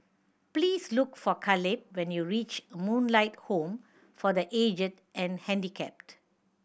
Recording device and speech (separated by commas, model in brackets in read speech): boundary microphone (BM630), read sentence